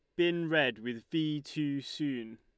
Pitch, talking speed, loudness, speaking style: 145 Hz, 165 wpm, -33 LUFS, Lombard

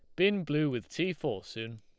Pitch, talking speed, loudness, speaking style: 150 Hz, 225 wpm, -32 LUFS, Lombard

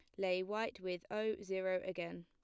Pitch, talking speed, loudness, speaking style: 185 Hz, 175 wpm, -40 LUFS, plain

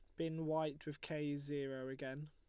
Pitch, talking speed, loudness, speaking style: 150 Hz, 175 wpm, -43 LUFS, Lombard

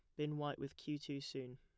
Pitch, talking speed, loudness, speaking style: 145 Hz, 265 wpm, -45 LUFS, plain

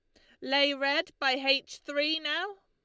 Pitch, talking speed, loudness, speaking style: 290 Hz, 165 wpm, -28 LUFS, Lombard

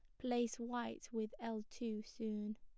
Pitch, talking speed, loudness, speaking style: 225 Hz, 150 wpm, -44 LUFS, plain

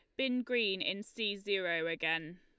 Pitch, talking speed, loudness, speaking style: 200 Hz, 165 wpm, -34 LUFS, Lombard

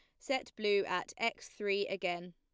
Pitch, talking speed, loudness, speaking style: 200 Hz, 170 wpm, -36 LUFS, plain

